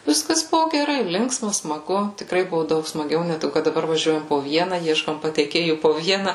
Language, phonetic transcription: Lithuanian, ˈviskas ˈbuvo geˈrai ˈlinksma smaˈgu tikˈrai ˈbuvo ˈdaug smaˈgiau ne ˈtai kad daˈbar vaˈžiuojam po ˈviena ˈieškom pateiˈkėjų po ˈviena

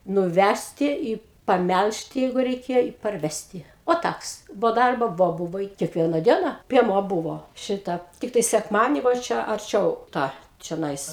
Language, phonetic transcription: Lithuanian, nuˈvæsti i paˈmælžti ˈjeigu reiˈkėjo i parˈvesti o ˈtaks bo ˈdarbo ˈvo ˈbuvo i kekˈviena ˈdiena pieˈmuo ˈbuvo ˈšita ˈtiktai sekˈmadienį va ˈčia arˈčiau ˈtą čioˈnais

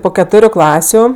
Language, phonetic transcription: Lithuanian, ˈpo keˈtoriu ˈklasiu

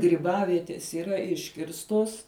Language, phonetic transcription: Lithuanian, gryˈbavietės yˈra ˈiškirstos

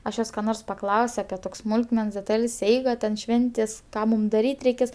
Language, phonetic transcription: Lithuanian, aš ˈjos ka ˈnors paˈklaus' api ˈtok's' ˈsmulkmens deˈtal's' ˈeiga ten ˈšventės' ˈką mūm daˈryt' reiˈkės

